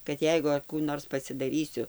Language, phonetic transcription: Lithuanian, kad ˈjeigu ar ˈkų ˈnors pasidaˈrysiu

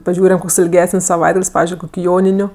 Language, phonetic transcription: Lithuanian, paˈžiūriam ˈkoks ilˈgesən's' saˈvaitgal's' ˈpavizdžiui ˈjoniniu

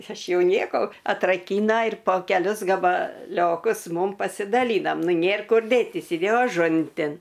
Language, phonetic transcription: Lithuanian, ˈaš ˈjau ˈnieko atraˈkyna ir po keˈlius gabaˈliokus ˈmum pasidaˈlynam ˈnu ˈnėr ˈkur ˈdėtys iˈdėjo aˈžuntin

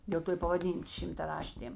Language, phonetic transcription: Lithuanian, dėl ˈto i pavaˈdyn šimtaˈraštėm

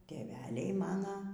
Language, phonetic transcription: Lithuanian, tėˈveliai maˈna

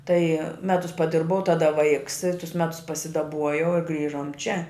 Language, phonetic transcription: Lithuanian, tai ˈmetus paˈdirbau ˈtada ˈvaiks i tus ˈmetus pasidaˈbuojau ir ˈgrįžom čia

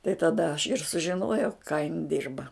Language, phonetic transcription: Lithuanian, tai taˈda aš ir sužiˈnojau ką jin ˈdirba

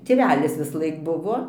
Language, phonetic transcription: Lithuanian, tėˈvelis visˈlaik ˈbuvo

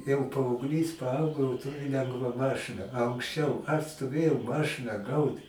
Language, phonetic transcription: Lithuanian, jau paaugˈlys paˈaugo jau ˈturi ˈlengva ˈmašɨna a anksˈčiau aš stoˈvėjau ˈmašɨna ˈgaut

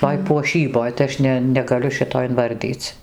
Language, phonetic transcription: Lithuanian, ˈtoj puoˈšyboj tai ˈaš ne negaˈliu ˈšito inˈvardyc

